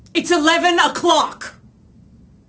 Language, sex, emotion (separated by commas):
English, female, angry